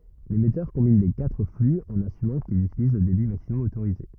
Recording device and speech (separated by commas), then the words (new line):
rigid in-ear microphone, read sentence
L'émetteur combine les quatre flux en assumant qu'ils utilisent le débit maximum autorisé.